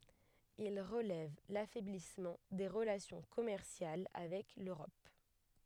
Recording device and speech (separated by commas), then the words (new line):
headset microphone, read sentence
Il relève l'affaiblissement des relations commerciales avec l'Europe.